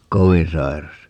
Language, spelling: Finnish, kovin sairas
- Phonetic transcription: "kovin 'sairas ?

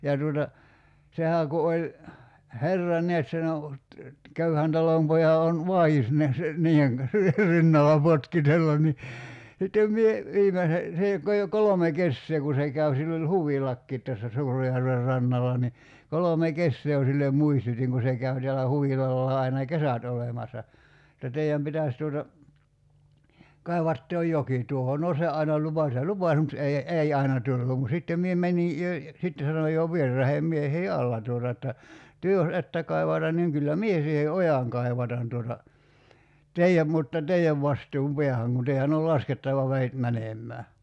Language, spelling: Finnish, ja tuota sehän kun oli herra näet sen on köyhän talonpojan on vai'is näet niiden kanssa rinnalla potkitella niin sitten minä viimeisen se jo kai jo kolme kesää kun se kävi sillä oli huvilakin tässä Suurenjärven rannalla niin kolme kesää jo sille muistutin kun se käy täällä huvilallaan aina kesät olemassa että teidän pitäisi tuota kaivaa tuo joki tuohon no se aina lupasi ja lupasi mutta ei ei aina tullut mutta sitten minä menin jo sitten sanoin jo vieraiden miehien alla tuota että te jos ette kaivata niin kyllä minä siihen ojan kaivatan tuota teidän mutta teidän vastuun päähän kun teidän oli laskettava vedet menemään
- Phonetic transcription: ja tuota , 'sehää ku oĺ , "herra neät sen ‿o , 'köyhän 'talompoja on , "vai₍is neäs , "niiʰeŋ kan̬s , 'rinnala 'potkitellan ni , sittem mie , 'viimese , 'se jo kai jo 'kolome "kessee ku se 'käv sill ‿oĺ "huvilakkiit tässä 'Suurejärver 'rannala ni , 'kolome "kessee jo sillem 'muistut́iŋ ku se 'käy teälä 'huvilallaa aina "kesät olemassa , [et]tä » 'tei₍äm pitäs tuota , 'kai̬vaat tuo "j̀oki 'tuoho « 'no se ’aina 'lupaś ja "lupas mut 'ei , "’ei aina tullum mu[tta] 'sittem mie 'mäńi , jo , 'sitte sanoj̆ jo 'vierraheem 'miehii "alla tuota että , » 'työ jos "että kai̬vatan niŋ 'kyllä "mie siihe "ojaŋ 'kai̬vatan tuota , 'tei₍äm mutta "tei₍äv 'vastuum "peähäŋ kun 'tei₍än ol "laskettava 'veit 'mänem̆mää « .

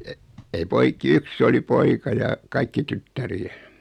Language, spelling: Finnish, - ei poikia yksi oli poika ja kaikki tyttäriä
- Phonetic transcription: e- , ei 'poik̀i "yks's ‿oli 'poika ja , 'kaikki "tyttäri₍ä .

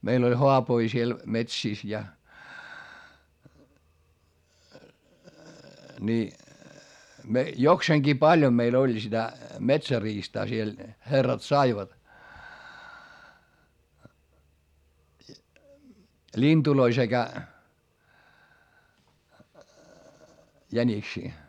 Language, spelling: Finnish, meillä oli haapoja siellä metsissä ja niin jokseenkin paljon meillä oli sitä metsäriistaa siellä herrat saivat lintuja sekä jäniksiä
- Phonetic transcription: meil ‿oĺ hoapoi siel , metsìs ja , ni , jokseeŋGii paĺjom meil ‿oĺ sitä , metsäriistaa siel , herrat saivat , ĺinDuloi sekä , jäńiksii .

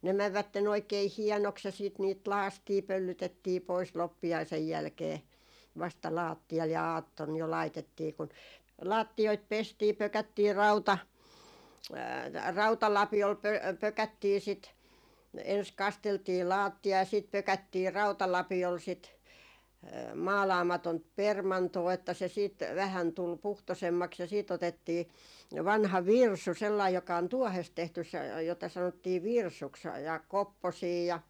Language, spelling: Finnish, ne menivät oikein hienoksi ja sitten niitä lakaistiin pöllytettiin pois loppiaisen jälkeen vasta lattialle ja aattona jo laitettiin kun lattioita pestiin pökättiin - rautalapiolla - pökättiin sitä ensin kasteltiin lattia ja sitten pökättiin rautalapiolla sitten maalaamatonta permantoa että se sitten vähän tuli puhtoisemmaksi ja sitten otettiin vanha virsu sellainen joka on tuohesta tehty se jota sanottiin virsuksi ja kopposia ja
- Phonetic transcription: ne 'mävvätten ‿oikei "hiɛnoks ja siit niit "laastii 'pöllytettii pois 'loppi₍aisej 'jälkee , vasta 'laattial ja "aatton jo 'laitettii kun , 'laattioit 'pestii 'pökättii , "rauta- , "rautalapiol pö- , 'pökättii 'sit , ens 'kasteltii "laattia ja siit 'pökättii 'rautalapiol sit , 'maalaamatont "permantoo että se siit , 'vähän tul "puhtosemmaks ja siit otettii , 'vanha "virsu sellaij joka on "tuɔhest 'tehtys se , jota sanottii "virsuks ja , 'kopposii ja ,.

